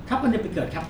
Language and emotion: Thai, neutral